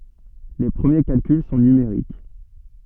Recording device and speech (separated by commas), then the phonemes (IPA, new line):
soft in-ear microphone, read sentence
le pʁəmje kalkyl sɔ̃ nymeʁik